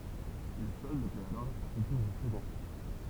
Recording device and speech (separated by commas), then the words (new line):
temple vibration pickup, read sentence
Le solde peut alors être affecté aux actionnaires.